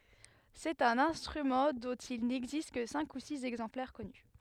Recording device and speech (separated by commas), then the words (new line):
headset microphone, read sentence
C'est un instrument dont il n'existe que cinq ou six exemplaires connus.